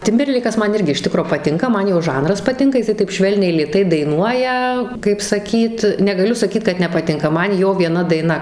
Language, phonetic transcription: Lithuanian, ˈtimberleikas ˈman ˈirgi iš ˈtikro paˈtinka ˈman jo ˈžanras paˈtinka jiˈsai taip ˈšvelniai lėˈtai daiˈnuoja kaip saˈkyt negaˈliu saˈkyt kad nepaˈtinka ˈman ˈjo vieˈna daiˈna

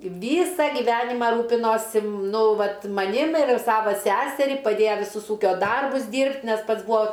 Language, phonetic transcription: Lithuanian, ˈvysa giˈvenimą ˈrūpinosi ˈnu ˈvat maˈnim ir ˈsava ˈseserį paˈdėja viˈsus ˈūkio ˈdarbus ˈdyrbt' nes ˈpats ˈbuo

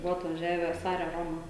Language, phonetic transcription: Lithuanian, ˈbuvo atvaˈžiavę ˈsare ˈroma

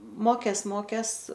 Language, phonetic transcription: Lithuanian, ˈmokės ˈmokės

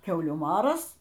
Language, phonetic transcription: Lithuanian, ˈkiaulių ˈmaras

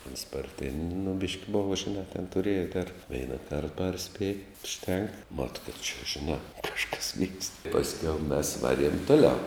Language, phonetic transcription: Lithuanian, ons parˈtėn' nu bišk' ˈbova žiˈnā ten tuˈrėja ter ˈveina kart ˈparspėj užˈtenk mat kad čia žiˈnā ˈkažkas vykst pasˈkiau mes ˈvaˌriem ˈtuˌliau

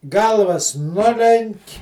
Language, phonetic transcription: Lithuanian, ˈgalvas ˈnulenk'

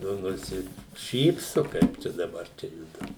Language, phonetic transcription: Lithuanian, ˈnu nusiˈšypsu ˈkaip čia daˈbar ˈčia ˈjudu

